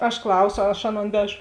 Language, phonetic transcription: Lithuanian, aš ˈklauso aš ˈaˌnon ˈvežo

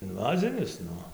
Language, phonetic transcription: Lithuanian, inˈvazinis ˈnu

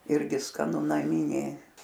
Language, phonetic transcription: Lithuanian, ˈirgi skaˈnu naˈminė

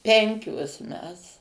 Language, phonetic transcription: Lithuanian, ˈpenkios ˈmes

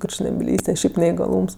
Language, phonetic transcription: Lithuanian, kurčnebiˈlyste ˈšiaip neigaˈlūms

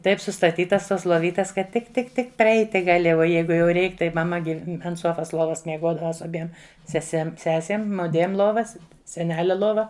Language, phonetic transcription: Lithuanian, ˈtaip sustaˈtytas tos loˈvytes kad tik tik ˈtik preˈeiti gaˈli o ˈjeigu jau ˈreik tai maˈma gi ant ˈsuofas ˈluovas mieˈguodava su aˈbiem seˈsem ˈsesėm ˈmudviem ˈluovas seˈnelia ˈlova

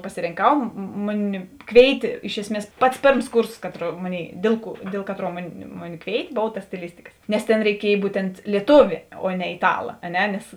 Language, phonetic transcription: Lithuanian, pasirinˈkau ˈmuˌni ˈkvėitė ˈiš esˌmies ˈpats ˈpėrms ˈkūrsos ˈkaˌtrų ˈmoˌnėiˈdėl ˌkuo ˈdėl kaˌtruo ˈmuˌni ˈmuˌni ˈkvėitė ˈbova ta stiˈlistikas nes tėn reiˈkiej ˈbūtent lieˈtūvė o ne iˈtala a ˈne nes

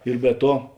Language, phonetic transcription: Lithuanian, ir be ˈtuo

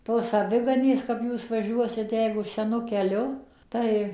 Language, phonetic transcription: Lithuanian, ˈtos aˈviganės kap ˈjūs vaˈžiuosit ˈjeigu seˈnu keˈliu ˈtai

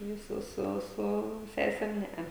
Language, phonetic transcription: Lithuanian, jau ˈsu ˈsu ˈsu ˈsesem ˈnea

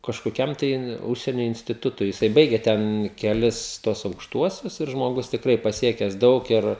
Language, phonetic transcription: Lithuanian, kažkoˈkiam tai ˈužsienio instiˈtutui jiˈsai ˈbaige ˈten keˈlis tuos aukšˈtuosius ir žmoˈgus tikˈrai paˈsiekes ˈdaug ir

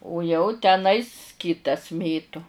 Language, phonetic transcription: Lithuanian, u jau teˈnais ˈkitas ˈmėtu

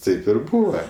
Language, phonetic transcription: Lithuanian, ˈtaip ir ˈbūva

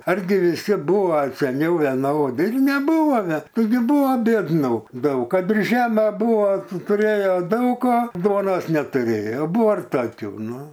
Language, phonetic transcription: Lithuanian, arˈgi viˈsi ˈbuva seˈniau veˈnodi ir neˈbūva ve ˈtaigi ˈbuvo biedˈnų ˈdaug ˈkad ir ˈžeme ˈbūva tuˈrėjo ˈdaug o ˈduonos netuˈrėjo ˈbuvo ir ˈtokių ˈnu

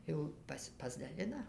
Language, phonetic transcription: Lithuanian, ˈjau ˈpasi pasdaˈlina

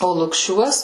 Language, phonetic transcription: Lithuanian, o lukˈšiuos

